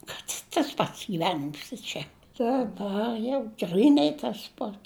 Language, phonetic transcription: Lithuanian, kad i tas ˈpats gyˈvenims i ˈčia daˈbar jau ˈgrynai tas ˈpats

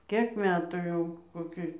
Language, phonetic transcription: Lithuanian, ˈkėk ˈmetų jau koˈki

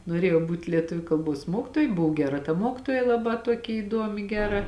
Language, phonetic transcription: Lithuanian, noˈrėjau ˈbūt' lieˈtuviu kalˈbos ˈmuokitoja ˈbuvo ˈgeˌra ta ˈmokitoja laˈbā ˈtuoki įˈduomi ˈgeˌra

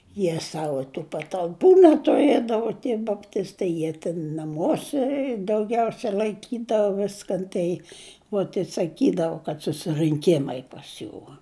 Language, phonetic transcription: Lithuanian, ˈjie ˈsavo tų patalˈpų netuˈriedavo tie bapˈtistai ˈjie tin naˈmuose dauˈgiausia laiˈkydavo ˈviskan ˈtai uot i saˈkydavu kad susirɨnˈkimai pas ˈjų

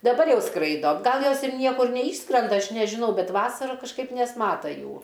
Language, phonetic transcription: Lithuanian, daˈbar ˈjau ˈskraido ˈgal ˈjos ir ˈniekur neˈyšskrenda ˈaš nežiˈnau ˈbet ˈvasara kažˈkaip nesˈmata ˈjų

